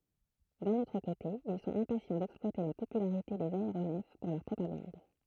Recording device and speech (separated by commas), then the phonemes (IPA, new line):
throat microphone, read sentence
dœ̃n otʁ kote il sɔ̃t ɛ̃pasjɑ̃ dɛksplwate la popylaʁite dez aeʁonɛf puʁ lœʁ pʁopaɡɑ̃d